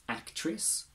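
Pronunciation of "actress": In 'actress', the last vowel is weak and unstressed, and it is said with the i sound rather than the uh sound.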